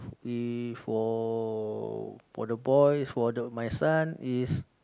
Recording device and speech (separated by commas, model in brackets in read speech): close-talking microphone, conversation in the same room